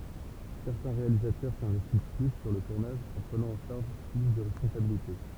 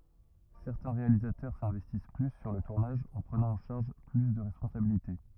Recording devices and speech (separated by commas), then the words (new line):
temple vibration pickup, rigid in-ear microphone, read sentence
Certains réalisateurs s'investissent plus sur le tournage en prenant en charge plus de responsabilités.